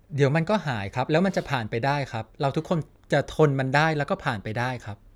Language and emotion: Thai, neutral